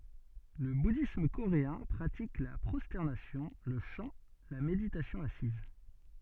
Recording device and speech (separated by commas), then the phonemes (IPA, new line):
soft in-ear microphone, read sentence
lə budism koʁeɛ̃ pʁatik la pʁɔstɛʁnasjɔ̃ lə ʃɑ̃ la meditasjɔ̃ asiz